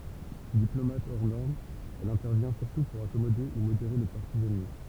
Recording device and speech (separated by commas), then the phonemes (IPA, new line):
temple vibration pickup, read sentence
diplomat ɔʁ nɔʁm ɛl ɛ̃tɛʁvjɛ̃ syʁtu puʁ akɔmode u modeʁe le paʁti ɛnmi